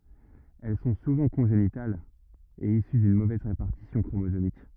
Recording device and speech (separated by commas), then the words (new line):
rigid in-ear microphone, read sentence
Elles sont souvent congénitales, et issues d’une mauvaise répartition chromosomique.